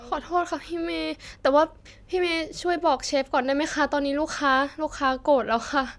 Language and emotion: Thai, sad